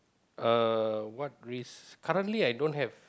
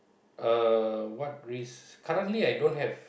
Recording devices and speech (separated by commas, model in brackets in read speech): close-talking microphone, boundary microphone, conversation in the same room